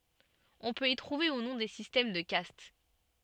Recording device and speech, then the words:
soft in-ear microphone, read sentence
On peut y trouver, ou non, des systèmes de castes.

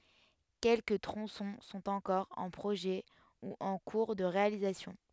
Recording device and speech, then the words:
headset microphone, read sentence
Quelques tronçons sont encore en projet ou en cours de réalisation.

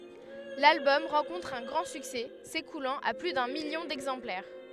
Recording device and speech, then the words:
headset microphone, read sentence
L'album rencontre un grand succès, s'écoulant à plus d'un million d'exemplaires.

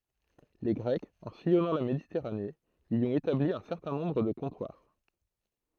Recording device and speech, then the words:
throat microphone, read sentence
Les Grecs, en sillonnant la Méditerranée, y ont établi un certain nombre de comptoirs.

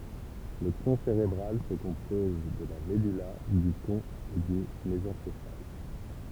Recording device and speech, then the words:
temple vibration pickup, read sentence
Le tronc cérébral se compose de la medulla, du pont et du mésencéphale.

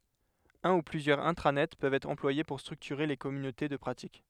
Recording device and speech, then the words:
headset microphone, read sentence
Un ou plusieurs intranets peuvent être employés pour structurer les communautés de pratique.

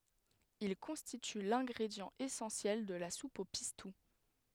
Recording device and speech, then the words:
headset microphone, read sentence
Il constitue l'ingrédient essentiel de la soupe au pistou.

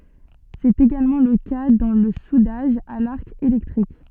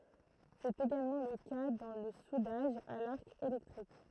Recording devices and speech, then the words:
soft in-ear microphone, throat microphone, read sentence
C'est également le cas dans le soudage à l'arc électrique.

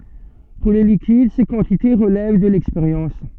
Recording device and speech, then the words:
soft in-ear microphone, read sentence
Pour les liquides ces quantités relèvent de l'expérience.

